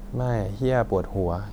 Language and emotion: Thai, frustrated